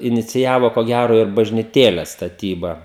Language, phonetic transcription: Lithuanian, iniciˈjavo ko ˈgæro ir bažniˈtėles staˈtyba

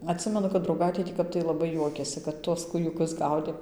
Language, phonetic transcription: Lithuanian, atˈsimenu kad drauˈgaitė tį ˈkap tai laˈbaiˈ juokėsi kad ˈtuos kūjuˈkus ˈgaudėm

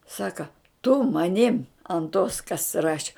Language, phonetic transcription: Lithuanian, ˈsaka tu maˈnim ant tos kas ˈraši

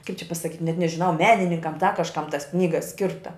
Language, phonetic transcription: Lithuanian, kaip čia pasaˈkyt' net nežiˈnau ˈmenininkam da kažˈkam tas ˈknyga ˈskirta

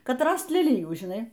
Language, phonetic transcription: Lithuanian, ˈkad ˈrast leˈlijų žiˈnai

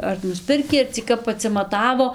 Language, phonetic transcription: Lithuanian, ar nusˈpirkį ar cį ˈkap atsimaˈtavo

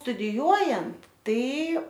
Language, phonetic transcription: Lithuanian, studiˈjuojant ˈtai

